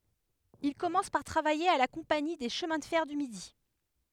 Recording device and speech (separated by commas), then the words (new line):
headset microphone, read sentence
Il commence par travailler à la Compagnie des chemins de fer du Midi.